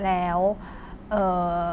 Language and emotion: Thai, frustrated